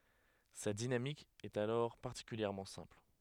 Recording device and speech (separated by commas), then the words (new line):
headset microphone, read sentence
Sa dynamique est alors particulièrement simple.